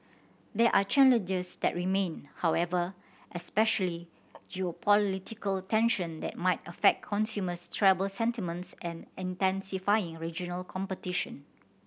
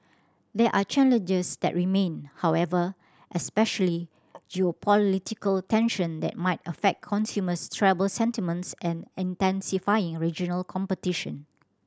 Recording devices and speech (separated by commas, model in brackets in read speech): boundary microphone (BM630), standing microphone (AKG C214), read sentence